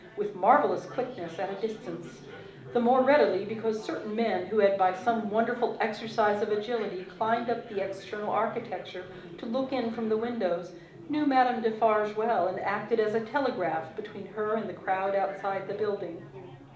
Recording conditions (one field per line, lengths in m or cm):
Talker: one person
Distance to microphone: 2.0 m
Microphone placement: close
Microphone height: 99 cm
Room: medium-sized (5.7 m by 4.0 m)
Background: babble